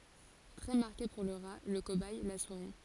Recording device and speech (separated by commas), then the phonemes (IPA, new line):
forehead accelerometer, read sentence
tʁɛ maʁke puʁ lə ʁa lə kobɛj la suʁi